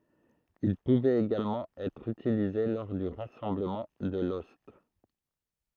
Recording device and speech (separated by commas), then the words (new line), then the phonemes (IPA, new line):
throat microphone, read sentence
Il pouvait également être utilisé lors du rassemblement de l'ost.
il puvɛt eɡalmɑ̃ ɛtʁ ytilize lɔʁ dy ʁasɑ̃bləmɑ̃ də lɔst